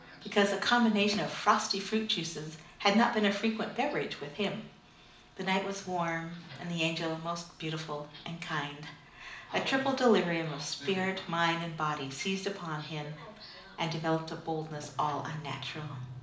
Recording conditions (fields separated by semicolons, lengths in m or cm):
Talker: one person; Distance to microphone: 2.0 m; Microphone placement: close; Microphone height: 99 cm; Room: medium-sized (5.7 m by 4.0 m); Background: television